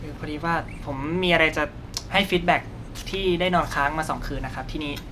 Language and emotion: Thai, frustrated